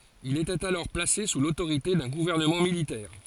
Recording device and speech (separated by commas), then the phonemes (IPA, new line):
forehead accelerometer, read sentence
il etɛt alɔʁ plase su lotoʁite dœ̃ ɡuvɛʁnəmɑ̃ militɛʁ